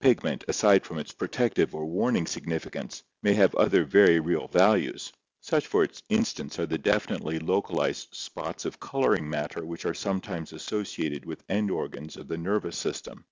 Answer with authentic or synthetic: authentic